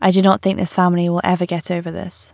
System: none